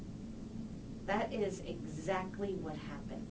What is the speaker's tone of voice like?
neutral